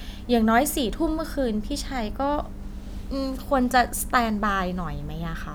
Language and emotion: Thai, frustrated